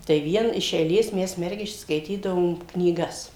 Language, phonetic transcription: Lithuanian, tai ˈvien iš eiˈlės ˈmes ˈmergiščios skaiˈtydavom knyˈgas

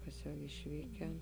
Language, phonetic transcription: Lithuanian, ˈkas jau išˈvyken

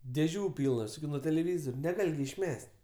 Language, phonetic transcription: Lithuanian, dėˈžių ˈpylnas i nuo teleˈvyzore neˈgal' gi išˈmes't'

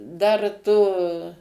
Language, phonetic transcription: Lithuanian, ˈdar tu

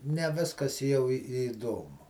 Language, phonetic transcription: Lithuanian, ne ˈviskas jau i įˈdomu

